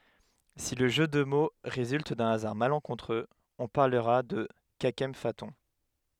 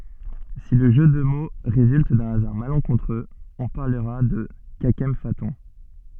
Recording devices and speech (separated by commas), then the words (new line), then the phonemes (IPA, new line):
headset microphone, soft in-ear microphone, read sentence
Si le jeu de mots résulte d’un hasard malencontreux, on parlera de kakemphaton.
si lə ʒø də mo ʁezylt dœ̃ azaʁ malɑ̃kɔ̃tʁøz ɔ̃ paʁləʁa də kakɑ̃fatɔ̃